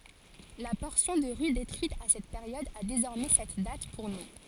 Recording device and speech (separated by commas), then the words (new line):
forehead accelerometer, read sentence
La portion de rue détruite à cette période a désormais cette date pour nom.